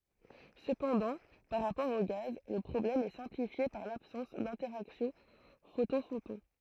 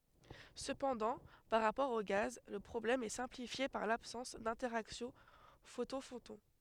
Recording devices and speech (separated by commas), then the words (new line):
throat microphone, headset microphone, read sentence
Cependant, par rapport aux gaz, le problème est simplifié par l'absence d'interaction photon-photon.